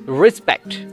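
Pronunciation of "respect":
'Respect' is pronounced correctly here.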